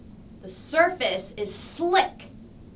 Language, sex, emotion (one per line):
English
female
angry